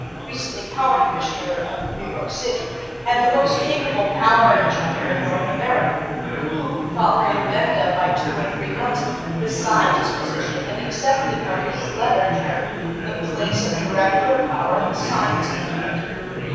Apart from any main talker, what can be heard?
Crowd babble.